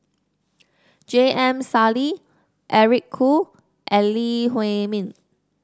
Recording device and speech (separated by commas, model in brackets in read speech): standing microphone (AKG C214), read sentence